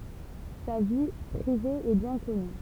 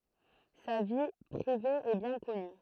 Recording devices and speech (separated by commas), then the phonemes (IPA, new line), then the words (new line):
temple vibration pickup, throat microphone, read sentence
sa vi pʁive ɛ bjɛ̃ kɔny
Sa vie privée est bien connue.